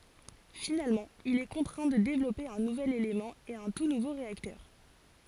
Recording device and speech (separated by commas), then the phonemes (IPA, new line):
forehead accelerometer, read sentence
finalmɑ̃ il ɛ kɔ̃tʁɛ̃ də devlɔpe œ̃ nuvɛl elemɑ̃ e œ̃ tu nuvo ʁeaktœʁ